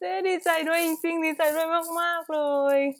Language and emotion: Thai, happy